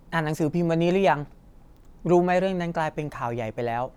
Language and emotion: Thai, neutral